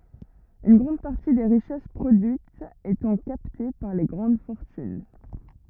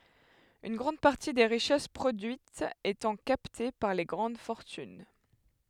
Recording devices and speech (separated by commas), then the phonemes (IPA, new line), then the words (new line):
rigid in-ear microphone, headset microphone, read sentence
yn ɡʁɑ̃d paʁti de ʁiʃɛs pʁodyitz etɑ̃ kapte paʁ le ɡʁɑ̃d fɔʁtyn
Une grande partie des richesses produites étant captées par les grandes fortunes.